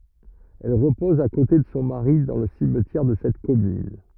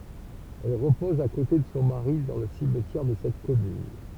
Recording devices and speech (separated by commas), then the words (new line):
rigid in-ear microphone, temple vibration pickup, read sentence
Elle repose à côté de son mari dans le cimetière de cette commune.